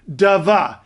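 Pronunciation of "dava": This is an incorrect way to say the 'dv' cluster: an extra syllable is added between the d and the v, so it comes out as 'dava'.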